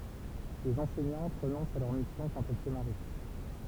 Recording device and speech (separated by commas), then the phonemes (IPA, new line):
temple vibration pickup, read sentence
lez ɑ̃sɛɲɑ̃t ʁənɔ̃st a lœʁ misjɔ̃ kɑ̃t ɛl sə maʁi